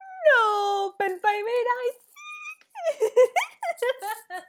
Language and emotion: Thai, happy